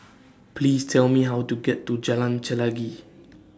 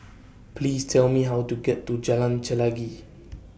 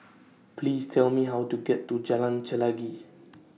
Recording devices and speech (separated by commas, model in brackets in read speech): standing microphone (AKG C214), boundary microphone (BM630), mobile phone (iPhone 6), read sentence